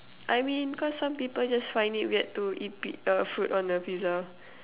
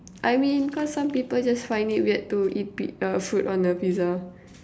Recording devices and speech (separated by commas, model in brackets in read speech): telephone, standing microphone, conversation in separate rooms